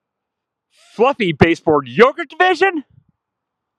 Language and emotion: English, surprised